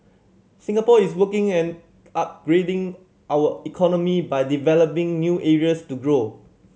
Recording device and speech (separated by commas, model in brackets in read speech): mobile phone (Samsung C7100), read sentence